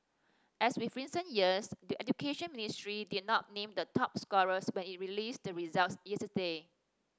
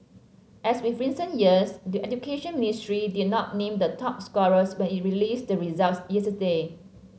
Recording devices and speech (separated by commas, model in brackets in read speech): standing microphone (AKG C214), mobile phone (Samsung C7), read sentence